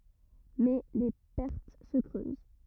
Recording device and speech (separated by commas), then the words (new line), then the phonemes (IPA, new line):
rigid in-ear microphone, read sentence
Mais les pertes se creusent.
mɛ le pɛʁt sə kʁøz